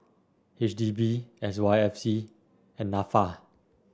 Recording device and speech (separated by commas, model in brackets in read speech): standing microphone (AKG C214), read sentence